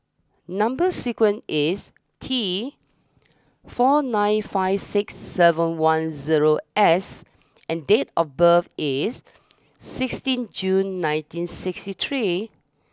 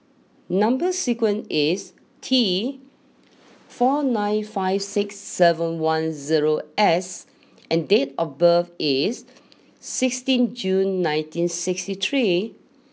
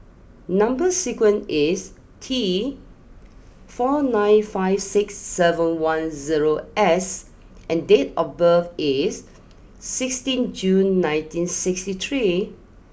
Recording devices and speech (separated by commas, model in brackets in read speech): standing microphone (AKG C214), mobile phone (iPhone 6), boundary microphone (BM630), read sentence